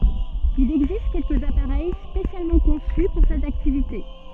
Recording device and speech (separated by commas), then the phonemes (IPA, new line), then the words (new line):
soft in-ear microphone, read sentence
il ɛɡzist kɛlkəz apaʁɛj spesjalmɑ̃ kɔ̃sy puʁ sɛt aktivite
Il existe quelques appareils spécialement conçus pour cette activité.